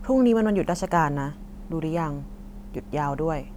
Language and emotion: Thai, neutral